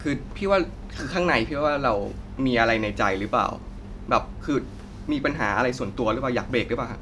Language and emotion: Thai, frustrated